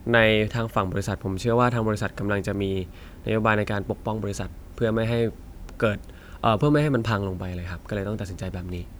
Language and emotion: Thai, neutral